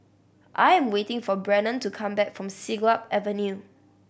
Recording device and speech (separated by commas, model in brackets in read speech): boundary microphone (BM630), read sentence